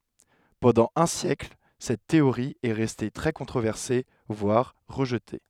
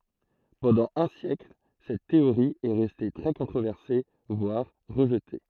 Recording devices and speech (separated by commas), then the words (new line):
headset microphone, throat microphone, read sentence
Pendant un siècle, cette théorie est restée très controversée, voire rejetée.